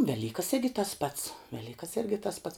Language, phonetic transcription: Lithuanian, ˈvelykas ˈirgi tas pats ˈvelykas ˈirgi tas pats

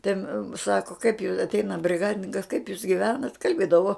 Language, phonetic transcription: Lithuanian, ten ˈsako kaip ju atˈeina briˈgadininkas kaip jūs giˈvenat' kalˈbėdavo

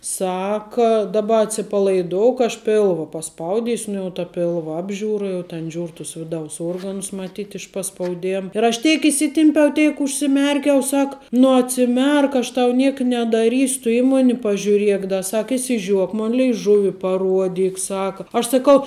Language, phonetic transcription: Lithuanian, ˈsaka daˈba atsipalaiˈdouk aš ˈpėlva paˈspaudisiu ˈnu jau ta ˈpilva ˈapžiūra jau ten ˈžiūr tus ˈviˌdaus ˈuorganus maˈtyt iš paspauˈdėm ir aš ˈteik įˈsitimpiau ˈteik užsiˈmerkiau ˈsak nu atsiˈmerk aš tau ˈniek nedaˈrysiu tu ˈį ˈmoni pažiūˈriek da ˈsak išsiˈžiuok ˈmon leiˈžuvi paˈruodyk ˈsaka aš saˈkau

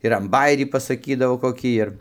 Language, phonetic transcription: Lithuanian, ir an baˈjerį pasaˈkydavo koˈkį ir

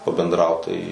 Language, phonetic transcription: Lithuanian, pabendˈraut tai

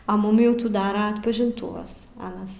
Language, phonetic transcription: Lithuanian, a ˈmum jau ˈtų ˈdara atpažinˈtūvas ˈanas

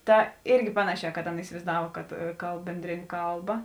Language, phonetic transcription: Lithuanian, ˈta ˈirgi ˈpanaˌšē kad ˈaˌna isivaizˈdav kad ˈkalb ˈbendrėˌnė ˈkalˌba

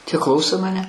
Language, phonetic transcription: Lithuanian, tie ˈklauso maˈne

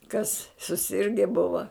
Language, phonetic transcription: Lithuanian, kas suˈsirge ˈbuva

